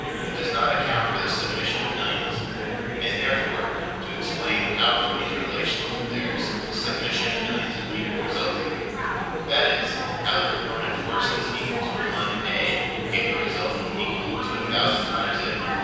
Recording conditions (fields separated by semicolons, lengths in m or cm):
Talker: one person; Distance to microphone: 7.1 m; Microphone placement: far; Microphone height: 1.7 m; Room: very reverberant, large; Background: babble